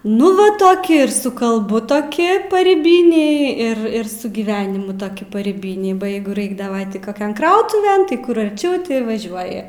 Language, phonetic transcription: Lithuanian, ˈnu va ˈtoki ir su kalˈbu toˈki paryˈbiniai ir ir su gyˈvenimu toˈki paryˈbiniai ba ˈjeigu ˈraikdaˈva ˈti ˈkoˈkian ˈkrautuven tai ˈkur arˈčiau ˈti vaˈžiuoji

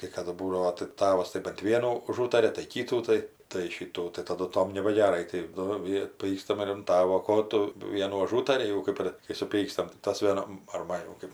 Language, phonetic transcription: Lithuanian, kai ˈkadu ˈbūdavo tai ˈtavas tai bant ˈvienų uˈžūtaria tai ˈkytų tai tai ˈšytų tai ˈtadu ˈtom nebageˈrai tai ˈnu ˈvie ˈpykstam ir an ˈtavo ˈko tu ˈvienų aˈžūtari jau ˈkɜp ir kai suˈpykstam tai ˈtas vieˈnam ar ˈman jau ˈkɜp

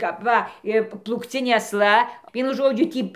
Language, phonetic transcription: Lithuanian, kap ˈva ˈi plūkˈcinė asˈla ˈvienu ˈžodžiu ˈtį

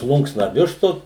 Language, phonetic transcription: Lithuanian, ˈplunksna ˈvištos

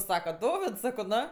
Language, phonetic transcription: Lithuanian, ˈsaka ˈdovids ˈsako ˈno

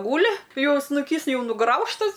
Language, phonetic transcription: Lithuanian, ˈgūli ˈjau snuˈkys ˈjau nuˈgraužtas

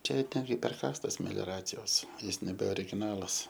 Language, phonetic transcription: Lithuanian, ˈčia ir ˈten gi perˈkastas melioˈracijos ˈjis nebe origiˈnalas

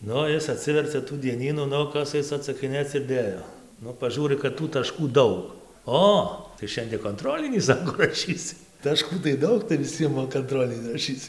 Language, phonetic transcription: Lithuanian, ˈnu ˈis aˈtsivercia tų dieˈnynų ˈnu ˈkas ˈais atsakiˈnėc ir ˈdėjo ˈnu paˈžūri kad tų taˈškų ˈdaug ˈo tai ˈšiandie konˈtrolinį ˈsako raˈšysi taˈškų tai ˈdaug tai viˈsiem va kanˈtrolini raˈšyc

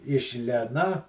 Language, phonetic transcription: Lithuanian, iš ˈlėna

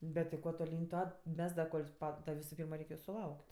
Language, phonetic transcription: Lithuanian, ˈbet ti ˈkuo toˈlyn' ˈtuo ˈmes da ˈkol' ˈpa da ˈvisu ˈpyrma ˈreik' ju suˈlauk't'

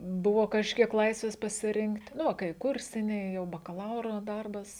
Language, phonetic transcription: Lithuanian, ˈbuvo kažˈkiek ˈlaisvės pasiˈrinkt' ˈnu va kai ˈkursiniai jau bakaˈlauro ˈdarbas

